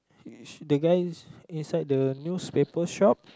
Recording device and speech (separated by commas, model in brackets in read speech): close-talking microphone, conversation in the same room